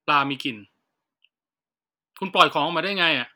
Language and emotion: Thai, frustrated